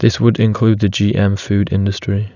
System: none